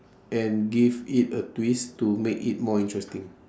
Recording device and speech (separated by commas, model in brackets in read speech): standing microphone, conversation in separate rooms